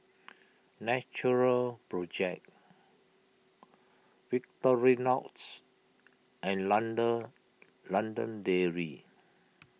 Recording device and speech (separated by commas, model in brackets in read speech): mobile phone (iPhone 6), read sentence